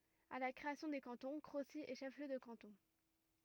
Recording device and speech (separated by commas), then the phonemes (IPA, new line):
rigid in-ear microphone, read sentence
a la kʁeasjɔ̃ de kɑ̃tɔ̃ kʁosi ɛ ʃɛf ljø də kɑ̃tɔ̃